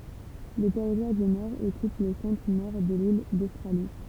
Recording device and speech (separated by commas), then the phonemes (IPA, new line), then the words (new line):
temple vibration pickup, read sentence
lə tɛʁitwaʁ dy nɔʁ ɔkyp lə sɑ̃tʁənɔʁ də lil dostʁali
Le Territoire du Nord occupe le centre-Nord de l'île d'Australie.